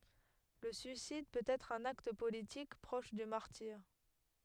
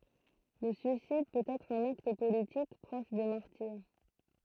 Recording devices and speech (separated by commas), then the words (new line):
headset microphone, throat microphone, read sentence
Le suicide peut être un acte politique, proche du martyre.